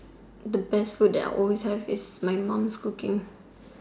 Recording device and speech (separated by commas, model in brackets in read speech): standing microphone, conversation in separate rooms